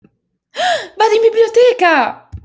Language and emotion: Italian, surprised